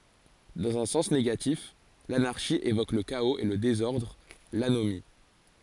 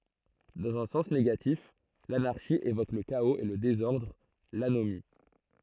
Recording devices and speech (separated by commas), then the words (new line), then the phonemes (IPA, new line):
forehead accelerometer, throat microphone, read sentence
Dans un sens négatif, l'anarchie évoque le chaos et le désordre, l'anomie.
dɑ̃z œ̃ sɑ̃s neɡatif lanaʁʃi evok lə kaoz e lə dezɔʁdʁ lanomi